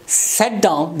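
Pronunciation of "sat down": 'Sit down' is said incorrectly here as 'sat down', with the vowel of 'sat' in place of the short i sound of 'sit'.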